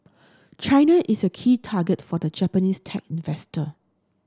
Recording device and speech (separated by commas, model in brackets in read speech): standing microphone (AKG C214), read sentence